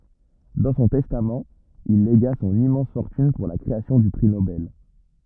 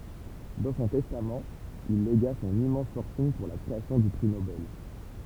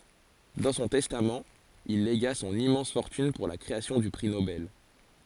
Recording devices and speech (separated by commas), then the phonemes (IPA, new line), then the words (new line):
rigid in-ear microphone, temple vibration pickup, forehead accelerometer, read sentence
dɑ̃ sɔ̃ tɛstamt il leɡa sɔ̃n immɑ̃s fɔʁtyn puʁ la kʁeasjɔ̃ dy pʁi nobɛl
Dans son testament, il légua son immense fortune pour la création du prix Nobel.